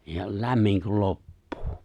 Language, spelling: Finnish, ja lämmin kun loppuu
- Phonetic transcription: ja , 'lämmiŋ kul 'loppᴜᴜ .

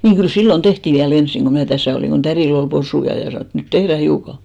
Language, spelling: Finnish, niin kyllä silloin tehtiin vielä ensin kun minä tässä olin kun tädillä oli possuja ja sanoi että nyt tehdään hiukan
- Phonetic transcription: 'niiŋ kyl "sillon 'tehtì viä'l ‿ensiŋ ɢo mnä̀ "täsä̀ olìŋ ɢo 'tärìl ‿ol 'posuja ja sanò et , » 'nyt "tehrä 'hiuka « .

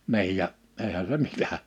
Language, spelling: Finnish, niin ja eihän se mitä
- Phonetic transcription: 'ni̬ij ja , eihä se 'mitä .

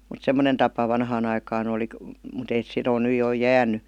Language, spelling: Finnish, mutta semmoinen tapa vanhaan aikaan oli mutta ei sitä ole nyt jo jäänyt
- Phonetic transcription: mut "semmonen 'tapa 'vanhaan ‿aikaan ‿oli , 'mut ei (sit - on) ny jo 'jään̆ny .

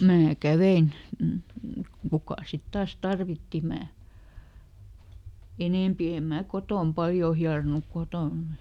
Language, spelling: Finnish, minä kävin kuka sitten taas tarvitsi minä enempi en minä kotona paljon hieronut kotona
- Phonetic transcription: ˈmnää "kävein , ˈkukà sit ˈtaas "tarvitti ˈmää , "enèmpi em ˈmää ˈkotòm ˈpaljoo ˈhiaronuk "kotòn .

